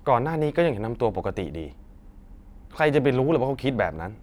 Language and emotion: Thai, frustrated